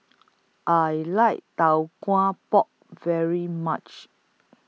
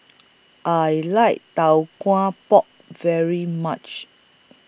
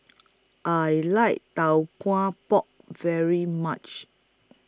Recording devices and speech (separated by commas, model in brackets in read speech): mobile phone (iPhone 6), boundary microphone (BM630), close-talking microphone (WH20), read sentence